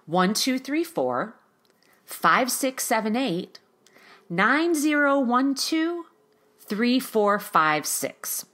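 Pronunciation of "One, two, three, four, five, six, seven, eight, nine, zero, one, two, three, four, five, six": The sixteen numbers are read in chunks of four, with a pause between each chunk.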